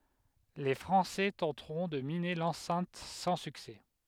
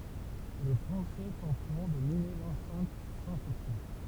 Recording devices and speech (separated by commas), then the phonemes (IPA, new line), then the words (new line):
headset microphone, temple vibration pickup, read sentence
le fʁɑ̃sɛ tɑ̃tʁɔ̃ də mine lɑ̃sɛ̃t sɑ̃ syksɛ
Les Français tenteront de miner l'enceinte sans succès.